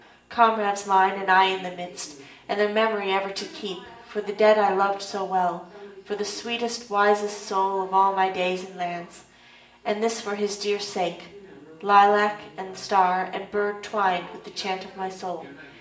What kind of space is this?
A spacious room.